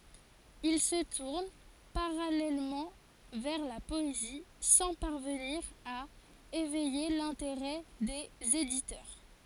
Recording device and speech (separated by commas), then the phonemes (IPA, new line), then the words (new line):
forehead accelerometer, read sentence
il sə tuʁn paʁalɛlmɑ̃ vɛʁ la pɔezi sɑ̃ paʁvəniʁ a evɛje lɛ̃teʁɛ dez editœʁ
Il se tourne parallèlement vers la poésie, sans parvenir à éveiller l'intérêt des éditeurs.